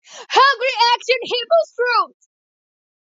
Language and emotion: English, sad